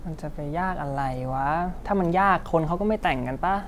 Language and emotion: Thai, frustrated